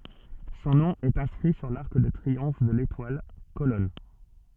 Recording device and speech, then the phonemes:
soft in-ear microphone, read sentence
sɔ̃ nɔ̃ ɛt ɛ̃skʁi syʁ laʁk də tʁiɔ̃f də letwal kolɔn

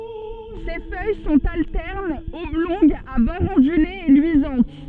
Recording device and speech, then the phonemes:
soft in-ear microphone, read sentence
se fœj sɔ̃t altɛʁnz ɔblɔ̃ɡz a bɔʁz ɔ̃dylez e lyizɑ̃t

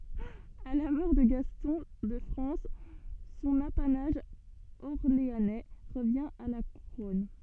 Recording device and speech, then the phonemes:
soft in-ear microphone, read sentence
a la mɔʁ də ɡastɔ̃ də fʁɑ̃s sɔ̃n apanaʒ ɔʁleanɛ ʁəvjɛ̃ a la kuʁɔn

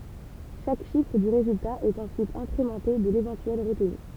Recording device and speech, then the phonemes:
temple vibration pickup, read sentence
ʃak ʃifʁ dy ʁezylta ɛt ɑ̃syit ɛ̃kʁemɑ̃te də levɑ̃tyɛl ʁətny

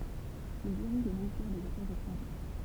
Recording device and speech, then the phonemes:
temple vibration pickup, read sentence
il diʁiʒ lə ministɛʁ dez afɛʁz etʁɑ̃ʒɛʁ

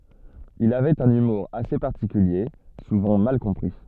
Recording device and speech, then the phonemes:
soft in-ear microphone, read sentence
il avɛt œ̃n ymuʁ ase paʁtikylje suvɑ̃ mal kɔ̃pʁi

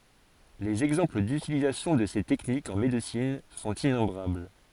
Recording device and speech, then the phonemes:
forehead accelerometer, read sentence
lez ɛɡzɑ̃pl dytilizasjɔ̃ də se tɛknikz ɑ̃ medəsin sɔ̃t inɔ̃bʁabl

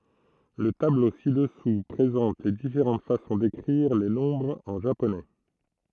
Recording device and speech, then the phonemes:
throat microphone, read sentence
lə tablo si dəsu pʁezɑ̃t le difeʁɑ̃t fasɔ̃ dekʁiʁ le nɔ̃bʁz ɑ̃ ʒaponɛ

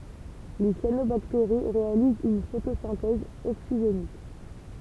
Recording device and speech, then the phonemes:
temple vibration pickup, read sentence
le sjanobakteʁi ʁealizt yn fotosɛ̃tɛz oksiʒenik

